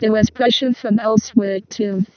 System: VC, vocoder